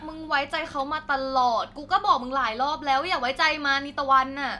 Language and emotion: Thai, frustrated